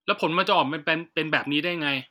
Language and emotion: Thai, frustrated